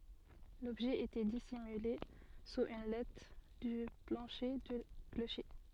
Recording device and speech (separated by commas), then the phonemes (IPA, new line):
soft in-ear microphone, read sentence
lɔbʒɛ etɛ disimyle suz yn lat dy plɑ̃ʃe dy kloʃe